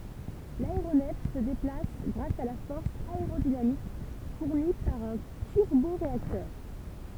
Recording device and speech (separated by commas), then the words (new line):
temple vibration pickup, read sentence
L'aéronef se déplace grâce à la force aérodynamique fournie par un turboréacteur.